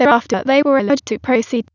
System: TTS, waveform concatenation